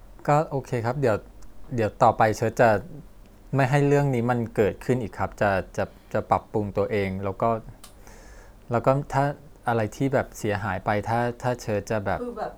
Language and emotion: Thai, sad